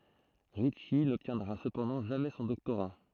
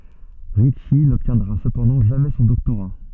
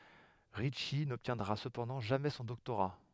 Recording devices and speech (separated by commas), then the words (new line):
throat microphone, soft in-ear microphone, headset microphone, read sentence
Ritchie n'obtiendra cependant jamais son doctorat.